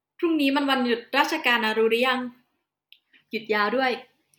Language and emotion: Thai, happy